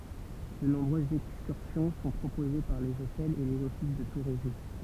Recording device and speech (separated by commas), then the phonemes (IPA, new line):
temple vibration pickup, read sentence
də nɔ̃bʁøzz ɛkskyʁsjɔ̃ sɔ̃ pʁopoze paʁ lez otɛlz e lez ɔfis də tuʁism